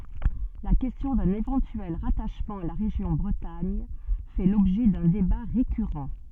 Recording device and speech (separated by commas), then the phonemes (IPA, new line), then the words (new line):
soft in-ear microphone, read sentence
la kɛstjɔ̃ dœ̃n evɑ̃tyɛl ʁataʃmɑ̃ a la ʁeʒjɔ̃ bʁətaɲ fɛ lɔbʒɛ dœ̃ deba ʁekyʁɑ̃
La question d'un éventuel rattachement à la région Bretagne fait l'objet d'un débat récurrent.